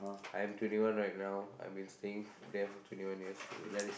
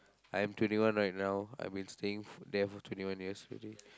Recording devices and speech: boundary microphone, close-talking microphone, conversation in the same room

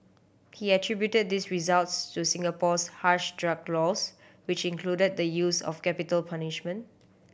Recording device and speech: boundary microphone (BM630), read sentence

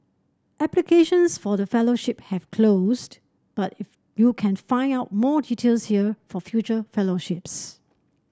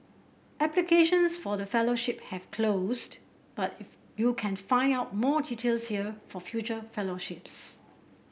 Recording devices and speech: standing microphone (AKG C214), boundary microphone (BM630), read sentence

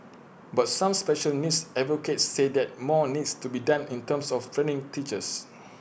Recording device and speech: boundary microphone (BM630), read sentence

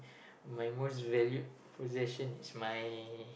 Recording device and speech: boundary microphone, conversation in the same room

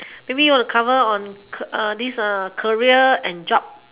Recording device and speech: telephone, conversation in separate rooms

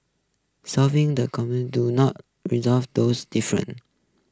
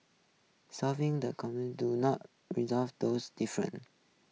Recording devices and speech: close-talking microphone (WH20), mobile phone (iPhone 6), read sentence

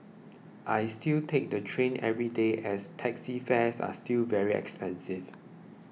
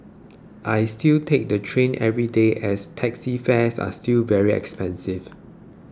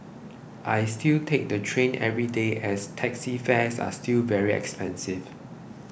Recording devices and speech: mobile phone (iPhone 6), close-talking microphone (WH20), boundary microphone (BM630), read sentence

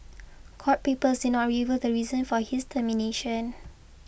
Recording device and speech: boundary microphone (BM630), read sentence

